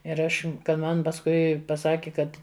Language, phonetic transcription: Lithuanian, ir ˈaš kad ˈman pasˈkui paˈsaki ˈkad

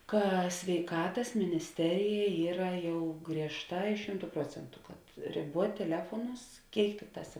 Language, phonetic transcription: Lithuanian, ˈka sveiˈkatas minisˈterija ˈyra ˈjau griežˈtā i ˈšimtu ˈpruocentu kad riˈbuot' teˈlefuonus ˈkėik ˈtikˌtās

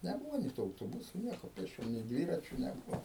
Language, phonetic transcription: Lithuanian, neˈbūvo nė tų autoˈbusu ˈnieko pėsˈčiom nė ˈdvyračiu neˈbuvo

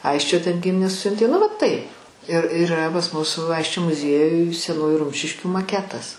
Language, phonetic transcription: Lithuanian, ˈaisčio ten ˈgiminės ˈsiuntė nu ˈva ˈtaip ir iˈra pas ˈmus ˈaisčio muˈziejuj seˈnųju ˈrumšiškių maˈketas

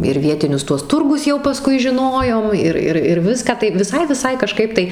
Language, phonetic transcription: Lithuanian, ir ˈvietinius ˈtuos ˈturgus jau paˈskui žiˈnojom ˈir ˈir ir ˈviską tai viˈsai viˈsai kaˈžkaip tai

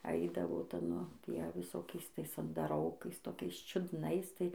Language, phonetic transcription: Lithuanian, ˈaidavo ˈta ˈnu ˈtie viˈsokiais ˈtais andaˈrokais toˈkiais čiudˈnais ˈtai

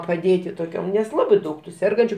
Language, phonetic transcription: Lithuanian, paˈdėti toˈkiom nes ˈlabai ˈdaug tu ˈsergančiu

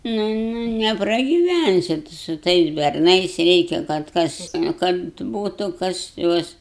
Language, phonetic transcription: Lithuanian, ˈnu ˈnu nepragiˈvænsi tu su ˈtais berˈnais ˈreikia kad ˈkas kad ˈbūtu ˈkas ˈjuos

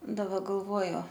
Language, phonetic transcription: Lithuanian, daˈba galˈvuoju

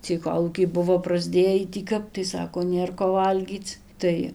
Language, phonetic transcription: Lithuanian, ciej ˈkolūkiai ˈbuvo prasˈdėjį tį ˈkap tai ˈsako ˈnėr ko ˈvalgyc ˈtai

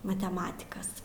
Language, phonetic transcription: Lithuanian, mateˈmatikas

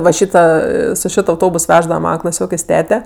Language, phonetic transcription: Lithuanian, va ˈšyta ˈa su ˈšit auˈtobus ˈveždava ˈmana klaˈsiokės' ˈtete

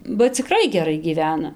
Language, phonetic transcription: Lithuanian, ba ciˈkrai geˈrai gyˈvena

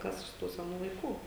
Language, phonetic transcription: Lithuanian, ˈkas iš ˈtų seˈnų laiˈkų

